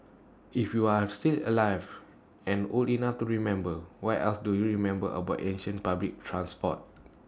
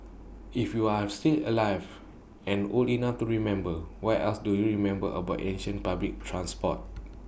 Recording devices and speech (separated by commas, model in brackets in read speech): standing microphone (AKG C214), boundary microphone (BM630), read sentence